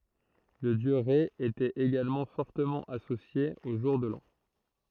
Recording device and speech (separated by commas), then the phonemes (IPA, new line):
throat microphone, read sentence
lə djø ʁɛ etɛt eɡalmɑ̃ fɔʁtəmɑ̃ asosje o ʒuʁ də lɑ̃